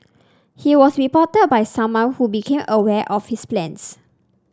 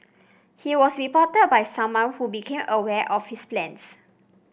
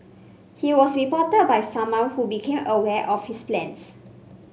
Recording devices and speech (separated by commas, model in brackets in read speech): standing microphone (AKG C214), boundary microphone (BM630), mobile phone (Samsung C5), read sentence